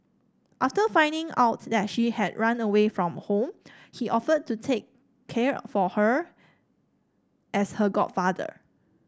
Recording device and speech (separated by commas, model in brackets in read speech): standing microphone (AKG C214), read sentence